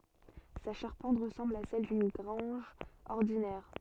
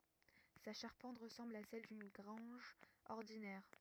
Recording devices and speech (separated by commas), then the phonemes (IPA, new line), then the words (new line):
soft in-ear microphone, rigid in-ear microphone, read sentence
sa ʃaʁpɑ̃t ʁəsɑ̃bl a sɛl dyn ɡʁɑ̃ʒ ɔʁdinɛʁ
Sa charpente ressemble à celle d'une grange ordinaire.